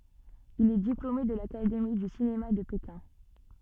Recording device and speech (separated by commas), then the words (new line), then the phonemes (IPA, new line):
soft in-ear microphone, read sentence
Il est diplômé de l'académie du cinéma de Pékin.
il ɛ diplome də lakademi dy sinema də pekɛ̃